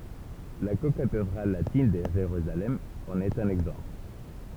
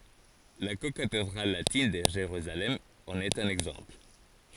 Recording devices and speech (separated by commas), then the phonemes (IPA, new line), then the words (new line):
temple vibration pickup, forehead accelerometer, read sentence
la kokatedʁal latin də ʒeʁyzalɛm ɑ̃n ɛt œ̃n ɛɡzɑ̃pl
La cocathédrale latine de Jérusalem en est un exemple.